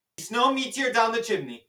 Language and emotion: English, fearful